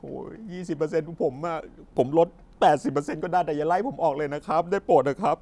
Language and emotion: Thai, sad